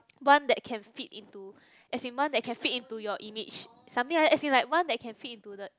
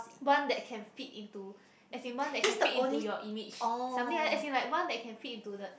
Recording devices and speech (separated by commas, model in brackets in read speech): close-talking microphone, boundary microphone, conversation in the same room